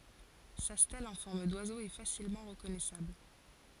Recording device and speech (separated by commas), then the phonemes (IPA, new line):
forehead accelerometer, read sentence
sa stɛl ɑ̃ fɔʁm dwazo ɛ fasilmɑ̃ ʁəkɔnɛsabl